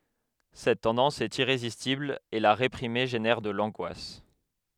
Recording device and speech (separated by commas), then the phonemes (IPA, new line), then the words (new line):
headset microphone, read sentence
sɛt tɑ̃dɑ̃s ɛt iʁezistibl e la ʁepʁime ʒenɛʁ də lɑ̃ɡwas
Cette tendance est irrésistible et la réprimer génère de l'angoisse.